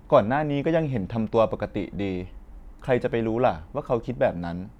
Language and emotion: Thai, neutral